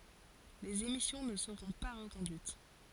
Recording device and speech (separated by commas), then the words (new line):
forehead accelerometer, read sentence
Les émissions ne seront pas reconduites.